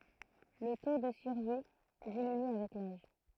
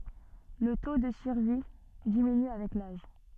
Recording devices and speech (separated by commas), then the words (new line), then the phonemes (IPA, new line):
throat microphone, soft in-ear microphone, read sentence
Le taux de survie diminue avec l'âge.
lə to də syʁvi diminy avɛk laʒ